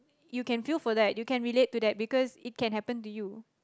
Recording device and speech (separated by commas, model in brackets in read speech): close-talking microphone, conversation in the same room